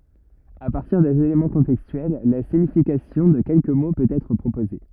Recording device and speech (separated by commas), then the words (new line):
rigid in-ear microphone, read sentence
À partir des éléments contextuels, la signification de quelques mots peut être proposée.